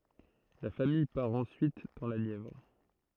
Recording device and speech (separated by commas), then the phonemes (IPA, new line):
throat microphone, read sentence
la famij paʁ ɑ̃syit dɑ̃ la njɛvʁ